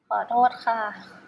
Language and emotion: Thai, sad